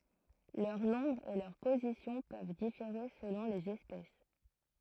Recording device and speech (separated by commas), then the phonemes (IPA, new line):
throat microphone, read sentence
lœʁ nɔ̃bʁ e lœʁ pozisjɔ̃ pøv difeʁe səlɔ̃ lez ɛspɛs